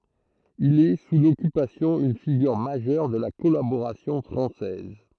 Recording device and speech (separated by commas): throat microphone, read sentence